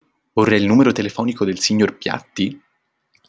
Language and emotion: Italian, neutral